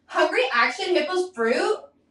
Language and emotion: English, disgusted